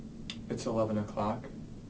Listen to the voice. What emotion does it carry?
neutral